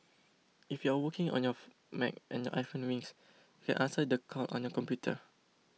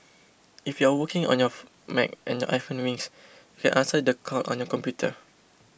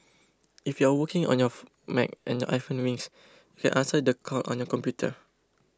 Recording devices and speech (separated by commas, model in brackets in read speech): mobile phone (iPhone 6), boundary microphone (BM630), close-talking microphone (WH20), read sentence